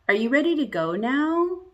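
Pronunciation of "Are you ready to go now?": The voice rises at the end of 'Are you ready to go now?', and the rise is exaggerated.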